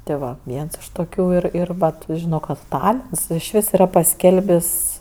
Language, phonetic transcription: Lithuanian, tė ˈva ˈviens iš toˈkių ˈir ˈir ˈvat ˈžino ˈkad ˈtalins išˈvis yˈra paˈskelbis'

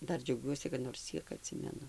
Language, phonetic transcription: Lithuanian, ˈdar džiauˈgiuosi kad nors ˈciek aˈtsimenu

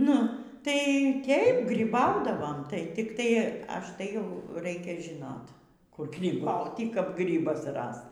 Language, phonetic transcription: Lithuanian, ˈnu tai ˈtėip gryˈbaudavom tai tikˈtai ˈaš tai jau ˈraikia žiˈnot kur gryˈbauty kap ˈgrybas ˈrast

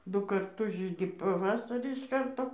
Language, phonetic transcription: Lithuanian, ˈdu karˈtus ˈžydi paˈvasarį iš ˈkarto

